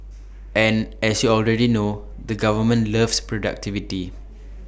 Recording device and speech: boundary microphone (BM630), read sentence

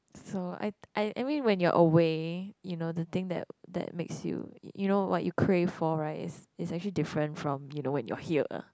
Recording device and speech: close-talking microphone, conversation in the same room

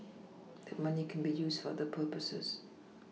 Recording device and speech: mobile phone (iPhone 6), read sentence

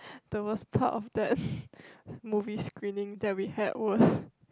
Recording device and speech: close-talking microphone, conversation in the same room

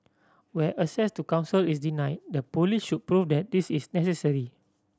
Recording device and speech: standing microphone (AKG C214), read sentence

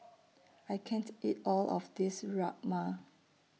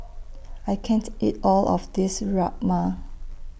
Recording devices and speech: mobile phone (iPhone 6), boundary microphone (BM630), read sentence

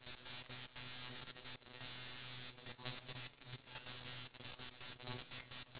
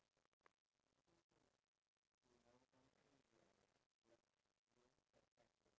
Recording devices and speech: telephone, standing microphone, conversation in separate rooms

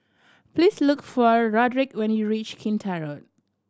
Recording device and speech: standing microphone (AKG C214), read sentence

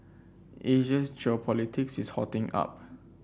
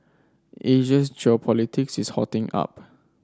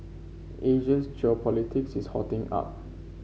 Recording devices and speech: boundary microphone (BM630), standing microphone (AKG C214), mobile phone (Samsung C5), read sentence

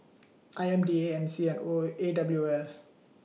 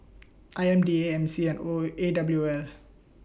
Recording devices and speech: mobile phone (iPhone 6), boundary microphone (BM630), read sentence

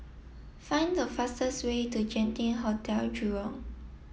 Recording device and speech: mobile phone (iPhone 7), read sentence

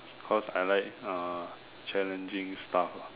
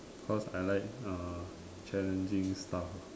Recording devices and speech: telephone, standing microphone, conversation in separate rooms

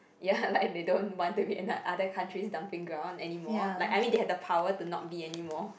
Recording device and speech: boundary microphone, conversation in the same room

